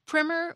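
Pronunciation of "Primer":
'Primer' is said with a short i.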